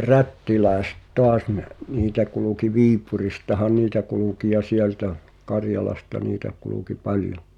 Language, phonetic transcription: Finnish, rättiläĕset "toas ni̬ , 'niitä kuluki "Viipuristahaⁿ 'niitä kuluki ja "sieltä , "Karjalasta 'niitä , kuluki "paljo .
- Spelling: rättiläiset taas niin niitä kulki Viipuristahan niitä kulki ja sieltä Karjalasta niitä kulki paljon

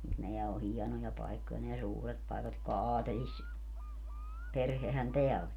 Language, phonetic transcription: Finnish, mut 'neä o "hiɛnoja 'paikkoja neä "suuret 'paekat jotka "aatelis- , -'perhehän 'teä oĺ .
- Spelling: mutta nämä on hienoja paikkoja nämä suuret paikat jotka - aatelisperhehän tämä oli

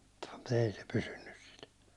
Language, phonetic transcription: Finnish, mut ‿ei se pysynnys sil .
- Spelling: mutta ei se pysynyt sillä

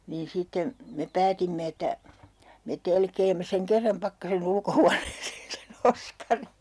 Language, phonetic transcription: Finnish, niin 'sitte , me 'päätimme että , me "telkeemme seŋ 'kerram 'Pakkase'n ‿ulkohuaneeseen se"n ‿Oskari .
- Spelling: niin sitten me päätimme että me telkeämme sen kerran Pakkasen ulkohuoneeseen sen Oskarin

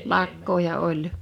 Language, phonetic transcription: Finnish, 'lakkooja 'oi .
- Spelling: lakkoja oli

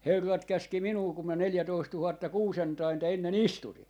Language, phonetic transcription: Finnish, 'herrat 'käski "minuu kum mä 'neljätoisttuhatta "kuusentainta 'enne"n ‿istuti .
- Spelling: herrat käski minua kun minä neljätoista tuhatta kuusentainta ennen istutin

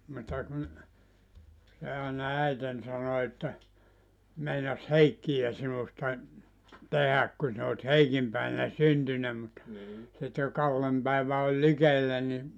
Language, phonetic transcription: Finnish, mutta kun , se àena "äiten 'sano että , » 'meinas "Heikkiʲä sinusta , "tehäk kun sin ‿ot "Heikim 'pä̀iᵛänä "syntynä mut , sit jo "Kallem 'päivä oĺ "likellä ni « ,.
- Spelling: mutta kun se aina äitini sanoi että meinasi Heikkiä sinusta tehdä kun sinä olet Heikin päivänä syntynyt mutta sitten jo Kallen päivä oli likellä niin

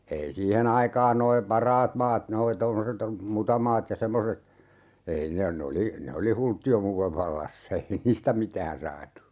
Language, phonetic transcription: Finnish, 'ei 'siihe"n ‿aikaan noi "paraat maat 'noi 'tommoset , "mutamaat ja 'semmoset , 'ei ne , 'ne oli , 'ne oli "hultti₍omuulev 'vallassa 'ei "niistä 'mitään 'saatu .
- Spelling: ei siihen aikaan nuo parhaat maat nuo tuommoiset mutamaat ja semmoiset ei ne ne oli ne oli hulttioimuuden vallassa ei niistä mitään saatu

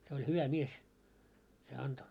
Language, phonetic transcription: Finnish, se oĺ "hyvä 'mies , se 'anto .
- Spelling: se oli hyvä mies se antoi

